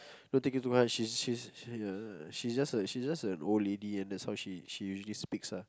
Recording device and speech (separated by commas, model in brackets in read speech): close-talking microphone, conversation in the same room